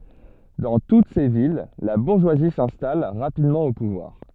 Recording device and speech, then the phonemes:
soft in-ear microphone, read sentence
dɑ̃ tut se vil la buʁʒwazi sɛ̃stal ʁapidmɑ̃ o puvwaʁ

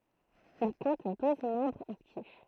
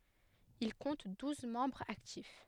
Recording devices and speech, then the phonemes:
throat microphone, headset microphone, read sentence
il kɔ̃t duz mɑ̃bʁz aktif

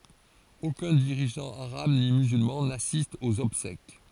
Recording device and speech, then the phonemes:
forehead accelerometer, read sentence
okœ̃ diʁiʒɑ̃ aʁab ni myzylmɑ̃ nasist oz ɔbsɛk

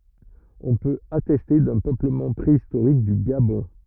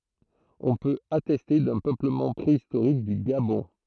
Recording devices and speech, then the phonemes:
rigid in-ear microphone, throat microphone, read sentence
ɔ̃ pøt atɛste dœ̃ pøpləmɑ̃ pʁeistoʁik dy ɡabɔ̃

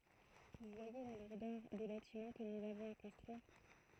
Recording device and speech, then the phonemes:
throat microphone, read sentence
vu vwaje la luʁdœʁ de batimɑ̃ kə nuz avɔ̃z a kɔ̃stʁyiʁ

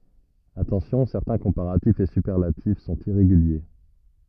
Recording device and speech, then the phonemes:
rigid in-ear microphone, read sentence
atɑ̃sjɔ̃ sɛʁtɛ̃ kɔ̃paʁatifz e sypɛʁlatif sɔ̃t iʁeɡylje

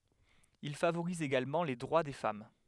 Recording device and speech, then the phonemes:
headset microphone, read sentence
il favoʁiz eɡalmɑ̃ le dʁwa de fam

